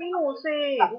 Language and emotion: Thai, frustrated